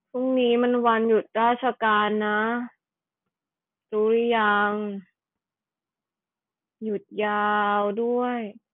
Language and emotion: Thai, frustrated